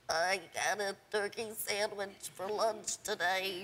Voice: nasally